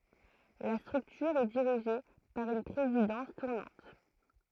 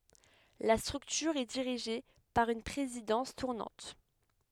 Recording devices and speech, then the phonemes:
throat microphone, headset microphone, read sentence
la stʁyktyʁ ɛ diʁiʒe paʁ yn pʁezidɑ̃s tuʁnɑ̃t

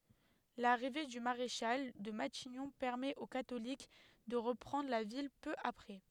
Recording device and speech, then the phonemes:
headset microphone, read sentence
laʁive dy maʁeʃal də matiɲɔ̃ pɛʁmɛt o katolik də ʁəpʁɑ̃dʁ la vil pø apʁɛ

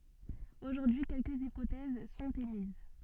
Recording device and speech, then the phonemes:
soft in-ear microphone, read sentence
oʒuʁdyi kɛlkəz ipotɛz sɔ̃t emiz

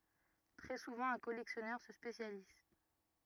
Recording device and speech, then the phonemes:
rigid in-ear microphone, read sentence
tʁɛ suvɑ̃ œ̃ kɔlɛksjɔnœʁ sə spesjaliz

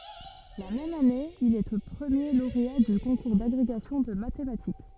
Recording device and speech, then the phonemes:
rigid in-ear microphone, read sentence
la mɛm ane il ɛ pʁəmje loʁea dy kɔ̃kuʁ daɡʁeɡasjɔ̃ də matematik

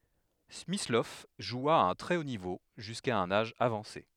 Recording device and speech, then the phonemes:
headset microphone, read sentence
smislɔv ʒwa a œ̃ tʁɛ o nivo ʒyska œ̃n aʒ avɑ̃se

